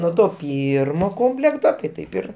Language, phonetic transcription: Lithuanian, nuo ˈto ˈpyrmo ˈkomplekto tai ˈtaip ir

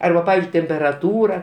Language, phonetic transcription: Lithuanian, ˈarba ˈpavizdžiui temperaˈtūra

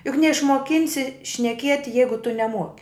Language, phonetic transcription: Lithuanian, juk neišmuoˈkinsi šneˈkieti ˈjeigu tu neˈmuoki

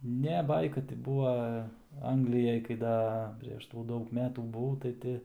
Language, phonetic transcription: Lithuanian, ˈne ˈbaika ti ˈbūva ˈanglijaj kai ˈda ˌprėš tų ˈdaug ˈmetų buˈvau tai ˈti

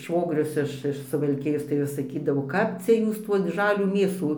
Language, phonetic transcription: Lithuanian, ˈšvogrius iš iš suvalˈkijos tai ˈvis saˈkydavo ˈkap cia ˈjūs tų ˈžalių ˈmėsų

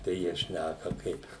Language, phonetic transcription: Lithuanian, tai ˈjie ˈšnæka ˈkaip

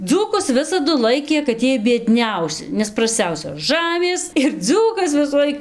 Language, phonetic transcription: Lithuanian, ˈdzūkus ˈvisadu ˈlaikė kad ˈjiej bieˈdniausi nes prasˈciausios ˈžamės ir ˈdzūkas visųˈlaik

